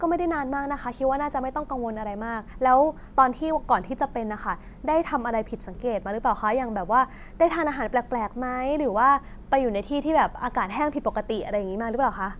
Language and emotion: Thai, neutral